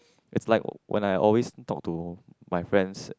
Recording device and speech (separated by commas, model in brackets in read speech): close-talking microphone, conversation in the same room